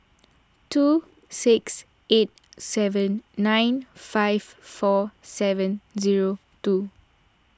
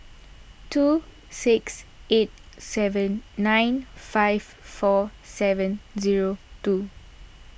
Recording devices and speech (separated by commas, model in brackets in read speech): standing microphone (AKG C214), boundary microphone (BM630), read sentence